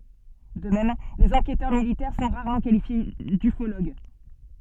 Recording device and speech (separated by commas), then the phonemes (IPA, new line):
soft in-ear microphone, read sentence
də mɛm lez ɑ̃kɛtœʁ militɛʁ sɔ̃ ʁaʁmɑ̃ kalifje dyfoloɡ